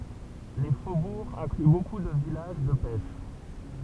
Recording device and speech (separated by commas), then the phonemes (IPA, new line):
temple vibration pickup, read sentence
le fobuʁz ɛ̃kly boku də vilaʒ də pɛʃ